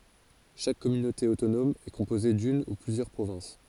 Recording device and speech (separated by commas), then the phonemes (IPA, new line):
forehead accelerometer, read sentence
ʃak kɔmynote otonɔm ɛ kɔ̃poze dyn u plyzjœʁ pʁovɛ̃s